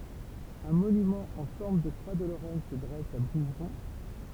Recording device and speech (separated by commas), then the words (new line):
temple vibration pickup, read sentence
Un monument en forme de croix de Lorraine se dresse à Bouvron.